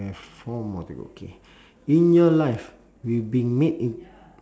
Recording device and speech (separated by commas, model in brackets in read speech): standing microphone, conversation in separate rooms